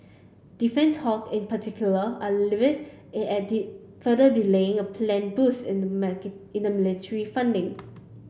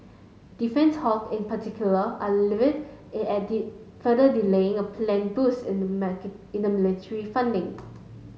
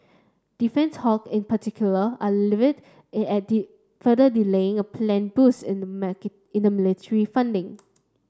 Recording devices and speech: boundary microphone (BM630), mobile phone (Samsung S8), standing microphone (AKG C214), read sentence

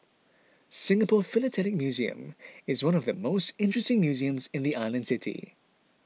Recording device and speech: mobile phone (iPhone 6), read sentence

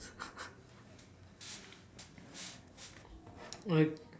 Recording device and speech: standing microphone, conversation in separate rooms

